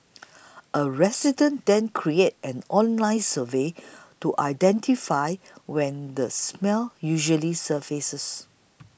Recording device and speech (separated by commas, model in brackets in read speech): boundary microphone (BM630), read sentence